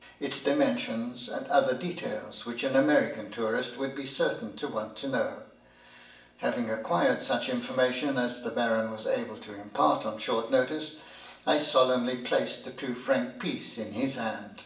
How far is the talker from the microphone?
1.8 m.